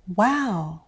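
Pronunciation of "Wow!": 'Wow' is said with a rise-fall: the voice rises quickly and high, then falls. It expresses strong emotion, here a good surprise.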